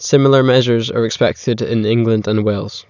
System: none